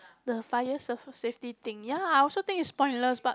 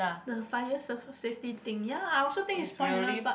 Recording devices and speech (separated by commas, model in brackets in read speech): close-talking microphone, boundary microphone, conversation in the same room